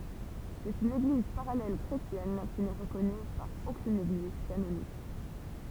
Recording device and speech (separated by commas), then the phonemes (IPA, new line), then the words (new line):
temple vibration pickup, read sentence
sɛt yn eɡliz paʁalɛl kʁetjɛn ki nɛ ʁəkɔny paʁ okyn eɡliz kanonik
C'est une Église parallèle chrétienne qui n'est reconnue par aucune Église canonique.